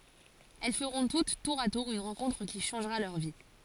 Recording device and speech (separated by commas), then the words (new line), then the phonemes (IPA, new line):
forehead accelerometer, read sentence
Elles feront toutes, tour à tour, une rencontre qui changera leur vie.
ɛl fəʁɔ̃ tut tuʁ a tuʁ yn ʁɑ̃kɔ̃tʁ ki ʃɑ̃ʒʁa lœʁ vi